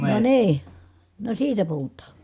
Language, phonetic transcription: Finnish, no nii , no siitä puhut̀aa .
- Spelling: no niin no siitä puhutaan

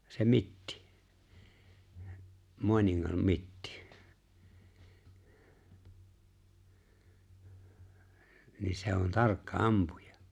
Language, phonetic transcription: Finnish, se "Mittɪ- 'Moaniŋŋam "Mittɪ- nin̬ 'se on "tarkka "’ampuja .
- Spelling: se Mitti Maaningan Mitti niin se on tarkka ampuja

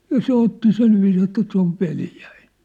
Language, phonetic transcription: Finnish, ja "se 'otti "silviis ‿että » 'se ‿ov "veljᴀ̈ɪɴ ! «
- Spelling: ja se otti sillä viisiin että se on veljeni

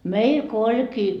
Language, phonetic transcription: Finnish, "meil ko "oĺkii .
- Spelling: meillä kun olikin

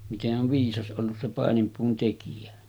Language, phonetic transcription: Finnish, mite’ ’ov 'viisas ’ollus se 'pàenimpuun tekijä .
- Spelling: miten on viisas ollut se paininpuun tekijä

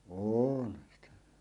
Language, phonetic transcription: Finnish, oonhᴀɴ sitᴀ̈ .
- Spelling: olenhan sitä

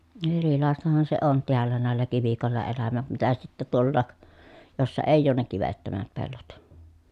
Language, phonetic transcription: Finnish, erilàestahan se on teällä nä̀ellä kivikòella elämät mitä sittä tuollaak , jossa èij̆j ‿oon ne kivettömät pellot .
- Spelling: erilaistahan se on täällä näillä kivikoilla elämät mitä sitten tuolla jossa ei ole ne kivettömät pellot

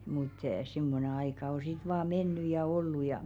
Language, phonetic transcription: Finnish, mut 'simmone aika o sit vaa 'menny ja 'ollu ja .
- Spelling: mutta semmoinen aika on sitten vain mennyt ja ollut ja

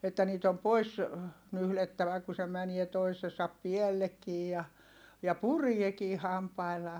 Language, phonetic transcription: Finnish, että niit ‿om pois , nyhlettävä ku se mänie toisesap piɛllekkii ja , ja puriekii hampaillaa .
- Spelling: että niitä on pois nyhdettävä kun se menee toisensa päällekin ja ja pureekin hampaillaan

